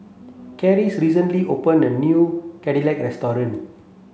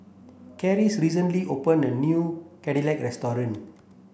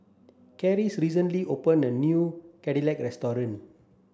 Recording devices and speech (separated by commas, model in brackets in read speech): mobile phone (Samsung C7), boundary microphone (BM630), standing microphone (AKG C214), read sentence